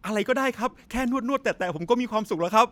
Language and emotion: Thai, happy